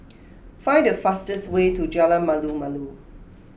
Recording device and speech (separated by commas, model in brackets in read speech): boundary microphone (BM630), read sentence